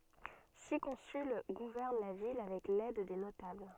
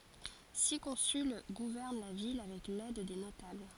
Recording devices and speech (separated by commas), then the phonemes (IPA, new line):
soft in-ear microphone, forehead accelerometer, read sentence
si kɔ̃syl ɡuvɛʁn la vil avɛk lɛd de notabl